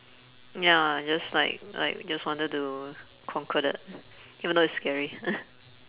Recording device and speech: telephone, conversation in separate rooms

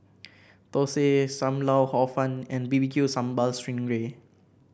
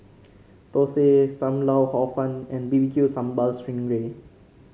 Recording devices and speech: boundary microphone (BM630), mobile phone (Samsung C5), read sentence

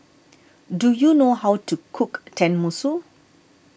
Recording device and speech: boundary microphone (BM630), read sentence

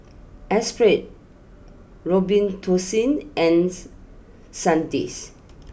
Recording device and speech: boundary microphone (BM630), read sentence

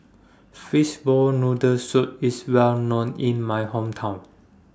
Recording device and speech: standing microphone (AKG C214), read sentence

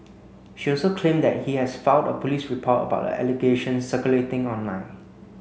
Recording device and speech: mobile phone (Samsung C9), read sentence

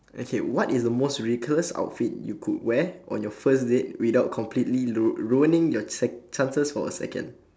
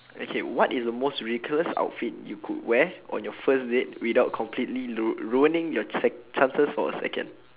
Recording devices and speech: standing microphone, telephone, conversation in separate rooms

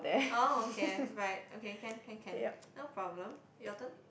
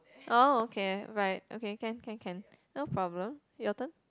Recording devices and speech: boundary microphone, close-talking microphone, conversation in the same room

